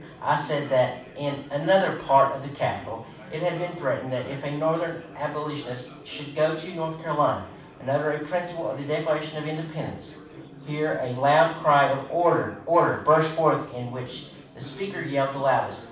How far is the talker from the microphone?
5.8 m.